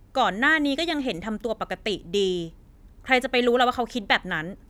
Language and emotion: Thai, frustrated